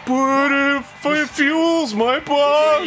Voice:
deep, whiny voice